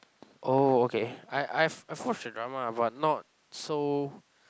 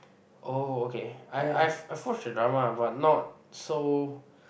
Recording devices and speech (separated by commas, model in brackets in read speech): close-talking microphone, boundary microphone, conversation in the same room